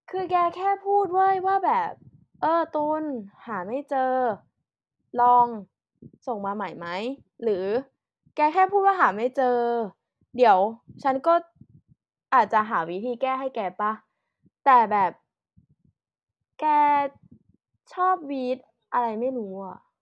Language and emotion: Thai, frustrated